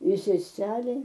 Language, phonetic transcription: Lithuanian, i seˈselei

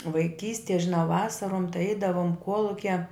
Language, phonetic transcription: Lithuanian, vaiˈkystie žiˈnau ˈvasarom tai ˈeidavom ˈkuolukia

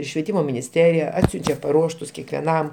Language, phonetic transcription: Lithuanian, švieˈtymo minisˈterija ˈatsiunčia paˈruoštus kekveˈnam

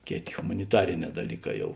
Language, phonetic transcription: Lithuanian, ˈkėˌtė humaniˈtariˌnē daˈlyˌkā ˈjau

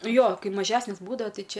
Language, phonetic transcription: Lithuanian, ˈjo ˈkai maˈžesnės ˈbūdavo ˈtai ˈčia

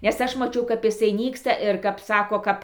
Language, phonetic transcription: Lithuanian, nes ˈaš maˈčiau kap iˈsai ˈnyksta ir kap ˈsako ˈkap

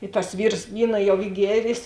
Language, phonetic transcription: Lithuanian, i tas ˈvyrs ˈvyna jau ˈy ˈgierės

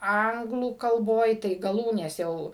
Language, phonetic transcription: Lithuanian, ˈanglų kalˈboj tai gaˈlūnės jau

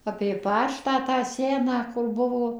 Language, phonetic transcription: Lithuanian, apė ˈpačtą tą ˈseną kur ˈbuvo

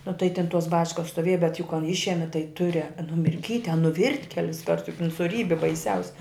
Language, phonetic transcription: Lithuanian, nu tai tin tos ˈbačkas stoˈvėj bet juk kan ˈišemi tai ˈture numirˈkyt' a nuˈvirt' ˈkelisˈkart juk in suˈrybi baiˈsiausi

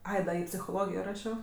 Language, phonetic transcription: Lithuanian, ˈai da i psichoˈlogijo ˈrašio

